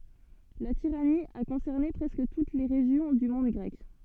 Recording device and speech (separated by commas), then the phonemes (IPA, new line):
soft in-ear microphone, read sentence
la tiʁani a kɔ̃sɛʁne pʁɛskə tut le ʁeʒjɔ̃ dy mɔ̃d ɡʁɛk